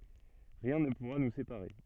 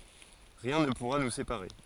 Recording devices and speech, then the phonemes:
soft in-ear microphone, forehead accelerometer, read sentence
ʁiɛ̃ nə puʁa nu sepaʁe

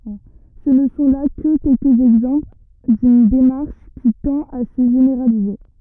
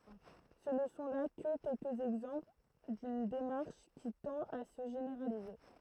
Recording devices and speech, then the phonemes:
rigid in-ear microphone, throat microphone, read sentence
sə nə sɔ̃ la kə kɛlkəz ɛɡzɑ̃pl dyn demaʁʃ ki tɑ̃t a sə ʒeneʁalize

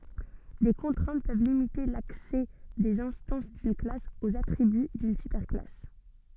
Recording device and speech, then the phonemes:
soft in-ear microphone, read sentence
de kɔ̃tʁɛ̃t pøv limite laksɛ dez ɛ̃stɑ̃s dyn klas oz atʁiby dyn sypɛʁ klas

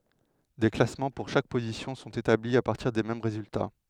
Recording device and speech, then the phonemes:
headset microphone, read sentence
de klasmɑ̃ puʁ ʃak pozisjɔ̃ sɔ̃t etabli a paʁtiʁ de mɛm ʁezylta

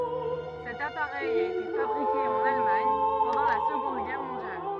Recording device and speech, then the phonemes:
rigid in-ear microphone, read sentence
sɛt apaʁɛj a ete fabʁike ɑ̃n almaɲ pɑ̃dɑ̃ la səɡɔ̃d ɡɛʁ mɔ̃djal

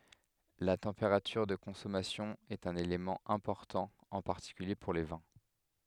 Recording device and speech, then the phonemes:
headset microphone, read sentence
la tɑ̃peʁatyʁ də kɔ̃sɔmasjɔ̃ ɛt œ̃n elemɑ̃ ɛ̃pɔʁtɑ̃ ɑ̃ paʁtikylje puʁ le vɛ̃

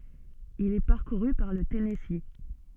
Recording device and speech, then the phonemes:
soft in-ear microphone, read sentence
il ɛ paʁkuʁy paʁ lə tɛnɛsi

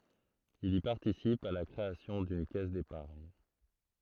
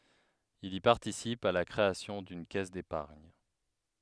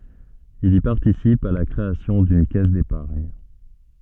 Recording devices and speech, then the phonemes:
throat microphone, headset microphone, soft in-ear microphone, read sentence
il i paʁtisip a la kʁeasjɔ̃ dyn kɛs depaʁɲ

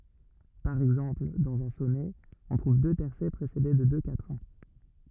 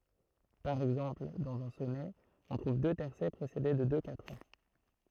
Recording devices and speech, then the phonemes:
rigid in-ear microphone, throat microphone, read sentence
paʁ ɛɡzɑ̃pl dɑ̃z œ̃ sɔnɛ ɔ̃ tʁuv dø tɛʁsɛ pʁesede də dø katʁɛ̃

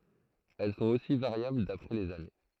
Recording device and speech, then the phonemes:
throat microphone, read sentence
ɛl sɔ̃t osi vaʁjabl dapʁɛ lez ane

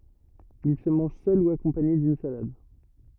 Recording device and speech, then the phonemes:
rigid in-ear microphone, read sentence
il sə mɑ̃ʒ sœl u akɔ̃paɲe dyn salad

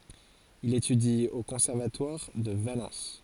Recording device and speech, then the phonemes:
forehead accelerometer, read sentence
il etydi o kɔ̃sɛʁvatwaʁ də valɑ̃s

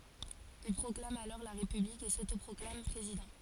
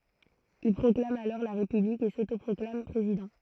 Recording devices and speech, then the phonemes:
forehead accelerometer, throat microphone, read sentence
il pʁɔklam alɔʁ la ʁepyblik e sotopʁɔklam pʁezidɑ̃

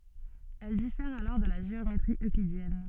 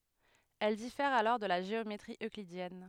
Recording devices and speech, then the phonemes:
soft in-ear microphone, headset microphone, read sentence
ɛl difɛʁt alɔʁ də la ʒeometʁi øklidjɛn

